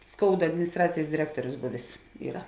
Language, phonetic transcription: Lithuanian, ˈskouda adminisˈtracėjs diˈrektuorius ˈbuvės ˈyra

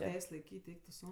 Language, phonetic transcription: Lithuanian, ˈteis' laiˈkyt' ˈeik tu ˈsau

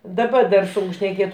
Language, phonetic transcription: Lithuanian, daˈba dar ˈsunk šneˈkėt

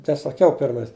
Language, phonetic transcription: Lithuanian, tai saˈkiau ˈpirmais

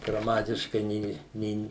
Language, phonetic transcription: Lithuanian, graˈmatiškai ˈnė ˈnėn

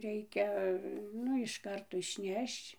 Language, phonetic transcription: Lithuanian, ˈreikia ˈnu iš ˈkarto išˈnešč

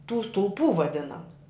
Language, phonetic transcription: Lithuanian, tų stulˈpų vaˈdinamu

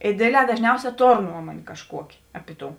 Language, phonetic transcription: Lithuanian, i ˈdėdˌlē dažˈniausē ˈtor ˈnuomuonė kažˈkuokė ˈapi ˈtou

